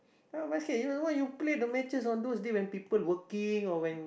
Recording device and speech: boundary microphone, conversation in the same room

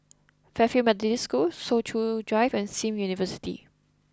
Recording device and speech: close-talking microphone (WH20), read sentence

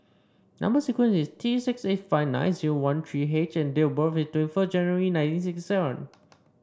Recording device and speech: standing microphone (AKG C214), read sentence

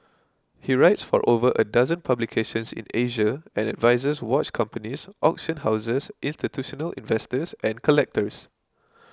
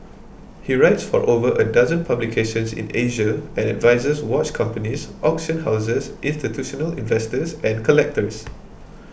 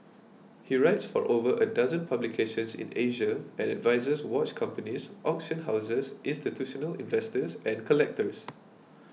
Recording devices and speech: close-talking microphone (WH20), boundary microphone (BM630), mobile phone (iPhone 6), read sentence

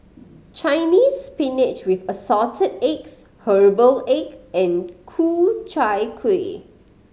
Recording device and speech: mobile phone (Samsung C5010), read sentence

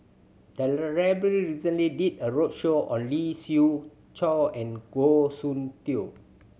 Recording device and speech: mobile phone (Samsung C7100), read sentence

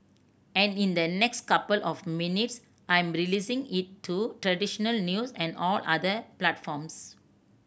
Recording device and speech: boundary microphone (BM630), read sentence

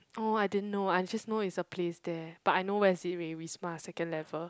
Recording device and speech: close-talking microphone, conversation in the same room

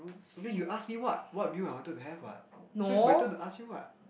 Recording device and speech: boundary microphone, conversation in the same room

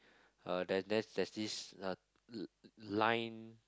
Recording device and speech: close-talking microphone, conversation in the same room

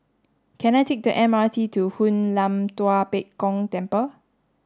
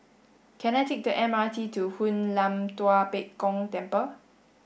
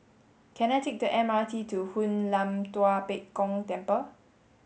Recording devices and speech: standing microphone (AKG C214), boundary microphone (BM630), mobile phone (Samsung S8), read sentence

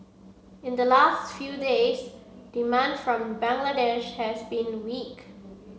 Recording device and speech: mobile phone (Samsung C7), read sentence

